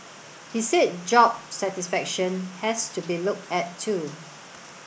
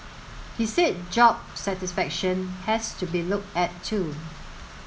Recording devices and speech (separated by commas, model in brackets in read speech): boundary microphone (BM630), mobile phone (Samsung S8), read sentence